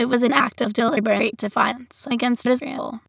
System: TTS, waveform concatenation